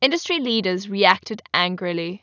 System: none